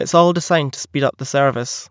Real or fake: real